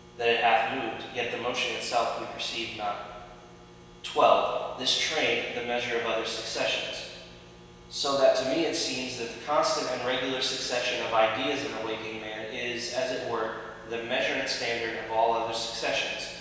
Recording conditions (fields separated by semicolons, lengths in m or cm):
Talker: one person; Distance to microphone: 1.7 m; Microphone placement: close; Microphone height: 1.0 m; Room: very reverberant, large; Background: none